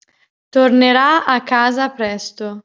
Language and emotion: Italian, neutral